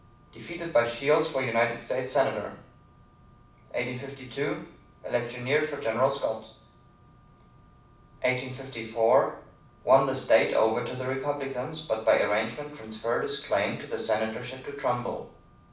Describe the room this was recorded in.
A medium-sized room (about 5.7 m by 4.0 m).